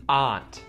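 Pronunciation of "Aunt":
The t at the end of 'aren't' is pronounced here, not muted.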